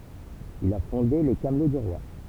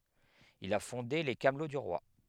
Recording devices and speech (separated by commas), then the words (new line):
temple vibration pickup, headset microphone, read sentence
Il a fondé les Camelots du roi.